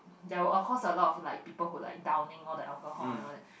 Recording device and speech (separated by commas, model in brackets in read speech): boundary microphone, conversation in the same room